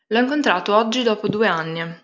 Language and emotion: Italian, neutral